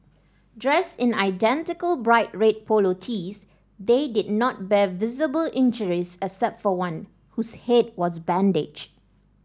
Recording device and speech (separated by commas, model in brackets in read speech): standing microphone (AKG C214), read sentence